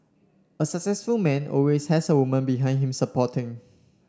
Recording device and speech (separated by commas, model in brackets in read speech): standing microphone (AKG C214), read sentence